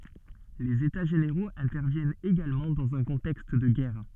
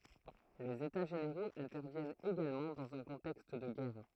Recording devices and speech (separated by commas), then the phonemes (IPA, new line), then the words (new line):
soft in-ear microphone, throat microphone, read sentence
lez eta ʒeneʁoz ɛ̃tɛʁvjɛnt eɡalmɑ̃ dɑ̃z œ̃ kɔ̃tɛkst də ɡɛʁ
Les états généraux interviennent également dans un contexte de guerre.